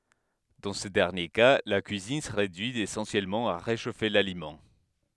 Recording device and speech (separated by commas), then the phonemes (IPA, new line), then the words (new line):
headset microphone, read sentence
dɑ̃ sə dɛʁnje ka la kyizin sə ʁedyi esɑ̃sjɛlmɑ̃ a ʁeʃofe lalimɑ̃
Dans ce dernier cas, la cuisine se réduit essentiellement à réchauffer l'aliment.